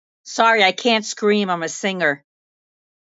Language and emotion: English, angry